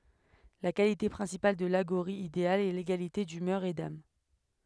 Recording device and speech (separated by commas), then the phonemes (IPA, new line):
headset microphone, read sentence
la kalite pʁɛ̃sipal də laɡoʁi ideal ɛ leɡalite dymœʁ e dam